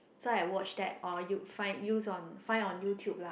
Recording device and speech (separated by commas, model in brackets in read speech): boundary microphone, conversation in the same room